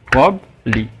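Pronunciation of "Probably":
'Probably' is said with two syllables.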